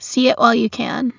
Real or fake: real